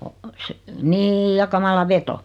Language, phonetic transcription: Finnish, o , se , "nîj ja 'kamala "veto .
- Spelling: on se niin ja kamala veto

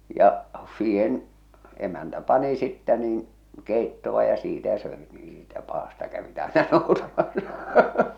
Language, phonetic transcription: Finnish, ja , siihen , emäntä 'pani sittä niin , 'kèittoᵛa ja siitä söet (nii) siitä 'paasta kävit àena noutamassᴀ .
- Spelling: ja siihen emäntä pani sitten niin keittoa ja siitä söivät niin siitä päästä kävivät aina noutamassa

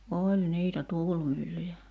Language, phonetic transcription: Finnish, 'oĺ 'niitä "tuulmyllyjä .
- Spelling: oli niitä tuulimyllyjä

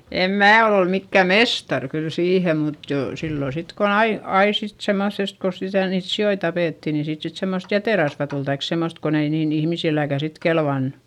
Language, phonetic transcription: Finnish, em mää ol ‿ol mikkä̀ mestar kyl siihem mut jò , sillo sit kon ‿ai , ai sit semoϑest ko sitä niit si₍oi tapètti ni siit sit semmost jätèrasva tul taik semmost kon ‿ei niin ‿ihmisilläkä̀ sit kelvannU .
- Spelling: en minä ole ole mikään mestari kyllä siihen mutta jo silloin sitten kun aina aina sitten semmoisesta kun sitä niitä sikoja tapettiin niin siitä sitten semmoista jäterasvaa tuli tai semmoista kun ei niin ihmisilläkään sitten kelvannut

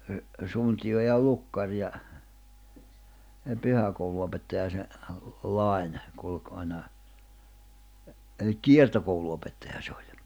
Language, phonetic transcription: Finnish, ə , 'suntiʲo ja 'lukkar ja , 'pyhäkoulu₍opettaja se , 'Lài̬ne , kulk aina , elik "kiertokoulu₍opettajaʰᵃ se oĺ .
- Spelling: - suntio ja lukkari ja pyhäkoulunopettaja se Laine kulki aina eli kiertokoulunopettaja se oli

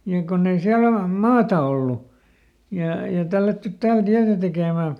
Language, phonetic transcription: Finnish, ja ˈkonn ‿ei ˈsiäl ‿ol- , ˈmaata ollu , ja , ja ˈtällättyt ˈtääl ˈtiätä tekèmä̀ .
- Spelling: ja kun ei siellä - maata ollut ja ja tällätty täällä tietä tekemään

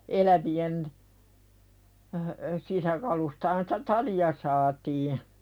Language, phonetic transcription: Finnish, 'elävi₍en , sisäkalustahan sᴵtä "tali₍a saatii .
- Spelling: elävien sisäkaluistahan sitä talia saatiin

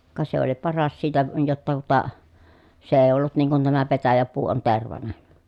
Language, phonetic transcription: Finnish, ka se ‿oli paras siitä , jotta tuᵒta , se èi̮ ollut niiŋ kun tämä petäjäpuu on tervanen̬ .
- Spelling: ka se oli paras siitä jotta tuota se ei ollut niin kuin tämä petäjäpuu on tervainen

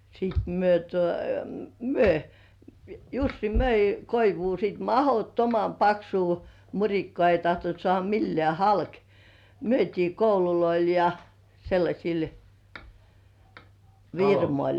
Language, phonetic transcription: Finnish, sìt myö tuo , "myö- , "Jussi "möi 'koivuu sit "mahottomam 'paksuu , 'muŕikkŏà ei tahtont sŏ§àha 'millĕ§ä̀ "halk , myöt́ii 'koululoil ja , sellaśil "virmoĺ .
- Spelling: sitten me tuo - Jussi myi koivua sitten mahdottoman paksua murikkaa ei tahtonut saada millään halki myytiin kouluille ja sellaisille firmoille

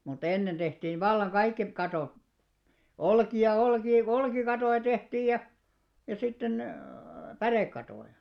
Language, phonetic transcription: Finnish, mu't ‿ennen ᴅehtiiv "vallaŋ "ɢaikki , 'kato , "olki₍a "olkii "olkikatòja 'tehtiij ja , ja sitten , "pärèkkatòja .
- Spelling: mutta ennen tehtiin vallan kaikki katot olkia olkia olkikattoja tehtiin ja ja sitten pärekattoja

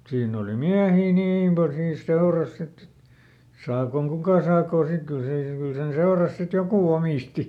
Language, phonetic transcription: Finnish, ˈsiinn ‿oli ˈmiähii "niim pal siins ˈseoras sitt ‿et , ˈsaakoŋ "kukà saakò sik ˈkyl se , ˈkyl sen ˈseoras sit "joku ˈomìsti .
- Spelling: siinä oli miehiä niin paljon siinä seurassa sitten että saakoon kuka saakoon sitten kyllä se kyllä sen seurassa sitten joku omisti

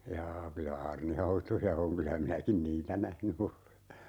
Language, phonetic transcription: Finnish, 'jaa kylä "aarnihautoja 'oŋ kylä 'minäkin "niitä 'nähny ole .
- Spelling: jaa kyllä aarnihautoja on kyllä minäkin niitä nähnyt olen

